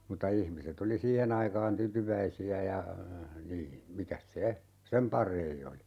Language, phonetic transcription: Finnish, mutta 'ihmiset ‿oli "siihen ‿aikaan 'tytyväisi₍ä ja , 'nii , 'mikäs "se , "sem parei 'oli .
- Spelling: mutta ihmiset oli siihen aikaan tyytyväisiä ja niin mikäs se sen parempi oli

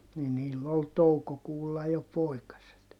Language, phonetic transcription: Finnish, ni niill ‿ol toukokuulla jo poikaset .
- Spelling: niin niillä oli toukokuulla jo poikaset

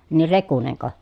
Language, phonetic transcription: Finnish, nir Rekuneŋko ?
- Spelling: niin Rekunenko

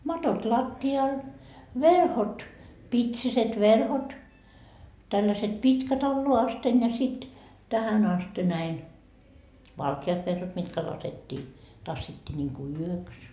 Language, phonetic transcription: Finnish, 'matot 'latti₍al , 'verhot , "pitsiset 'verhot , tälläset "pitkät alloa asten ja sit , "tähän aste näin , "valkiat verhot mitkä 'lasettii , 'tassittii ńiŋku "yöks .
- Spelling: matot lattialla verhot pitsiset verhot tällaiset pitkät alas asti ja sitten tähän asti näin valkeat verhot mitkä laskettiin tassittiin niin kuin yöksi

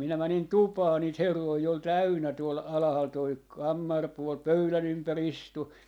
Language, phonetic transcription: Finnish, 'minä 'mänin "tupaa niit 'herroi ol "täynnä tuol 'alahal toi , 'kammarpuol , "pöylä'n ‿ympä"r ‿istu .
- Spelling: minä menin tupaan niitä herroja oli täynnä tuolla alhaalla tuo kammaripuoli pöydän ympäri istui

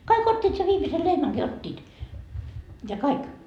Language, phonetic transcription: Finnish, 'kai'k ‿ot́t́iit se 'viimise "lehmäŋki "ot́t́iit , ja 'kaik .
- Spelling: kaikki ottivat sen viimeisen lehmänkin ottivat ja kaikki

